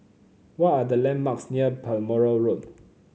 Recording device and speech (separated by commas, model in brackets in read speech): mobile phone (Samsung C9), read sentence